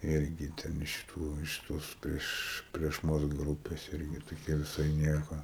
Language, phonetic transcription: Lithuanian, ˈirgi ˈten iš ˈtų iš ˈtos ˈprieš prieš ˈmus ˈgrūpės ˈirgi toˈkia viˈsai ˈnieko

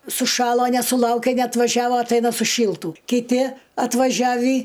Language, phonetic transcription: Lithuanian, suˈšalo nesuˈlaukė neatvaˈžiavo atˈaina suˈšyltų kiˈti atvaˈžiavį

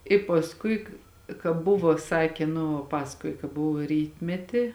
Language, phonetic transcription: Lithuanian, i pasˈkui ka ka ˈbuvo ˈsakė nu ˈpasakoji ka ˈbuvo ˈrytmeti

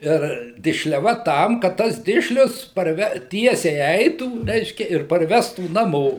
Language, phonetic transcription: Lithuanian, ir dišleˈva ˈtam kad ˈtas ˈdišlius parˈve ˈtiesiai ˈeitų ˈreiškia ir parˈvestų naˈmo

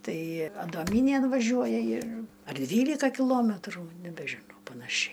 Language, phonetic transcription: Lithuanian, ˈtai adoˈmynėn vaˈžiuoja ir ar ˈdvylika kiˈlometrų nebežiˈnau panaˈšiai

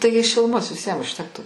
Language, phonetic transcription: Lithuanian, ˈtaigi šiluˈmos viˈsiem užˈtektų

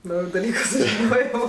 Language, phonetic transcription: Lithuanian, ˈnauju daˈlyku sužiˈnojo

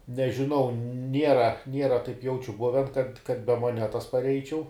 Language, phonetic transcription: Lithuanian, nežiˈnau ˈniera ˈniera taip ˈjaučiu ˈbuven kad kad be moˈnetas parˈeičiau

